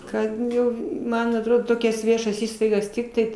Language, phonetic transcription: Lithuanian, ˈkad ˈjau ˈman atˈrodo ˈtokias ˈviešas ˈįstaigas ˈtiktai

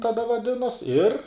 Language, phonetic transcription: Lithuanian, taˈda vaˈdinos ir

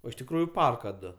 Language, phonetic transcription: Lithuanian, ˈo iš tikˈrųju ˈparka ˈdu

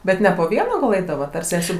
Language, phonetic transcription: Lithuanian, ˈbet ne po ˈviena gal ˈeidavat ar ˈsesių

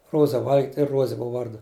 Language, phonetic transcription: Lithuanian, ˈruoza ˈval'git' i ˈruoze ˈbuva ˈvardu

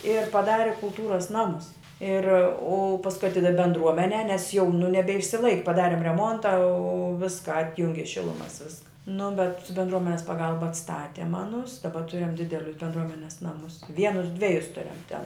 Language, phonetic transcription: Lithuanian, ir paˈdari kulˈtūras ˈnamus ir u pasˈkui aˈtidav' bendˈruomenē nes jau nu nebeišsiˈlaik' paˈdarim reˈmonta o ˈviska ˈatjungi ˈšilumas ˈviska nu bet bendˈruomenes paˈgalba atsˈtatem ˈanus daˈba ˈturim ˈdidelius bendˈruomenes ˈnamus ˈvienus ˈdvejus ˈturiam ten

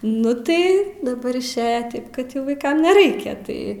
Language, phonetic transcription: Lithuanian, ˈnu tai daˈbar išˈėja ˈtaip kad ˈjau vaiˈkam neˈraikia ˈtai

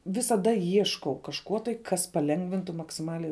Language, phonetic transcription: Lithuanian, visaˈda ˈieškau kažˈko tai ˈkas paˈlengvintu maksiˈmaliai

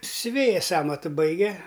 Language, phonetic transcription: Lithuanian, siuˈvėjas ˈamatu ˈbaige

